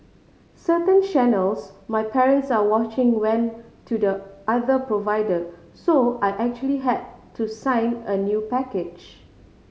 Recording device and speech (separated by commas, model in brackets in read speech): mobile phone (Samsung C5010), read sentence